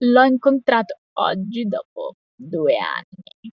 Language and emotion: Italian, disgusted